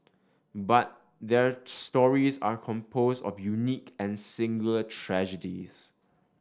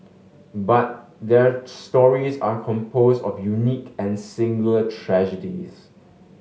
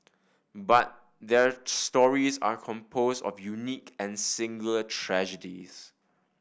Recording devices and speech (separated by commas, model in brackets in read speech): standing microphone (AKG C214), mobile phone (Samsung S8), boundary microphone (BM630), read sentence